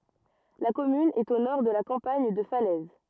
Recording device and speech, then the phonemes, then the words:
rigid in-ear microphone, read sentence
la kɔmyn ɛt o nɔʁ də la kɑ̃paɲ də falɛz
La commune est au nord de la campagne de Falaise.

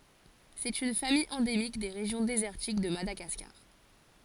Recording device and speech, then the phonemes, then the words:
forehead accelerometer, read sentence
sɛt yn famij ɑ̃demik de ʁeʒjɔ̃ dezɛʁtik də madaɡaskaʁ
C'est une famille endémique des régions désertiques de Madagascar.

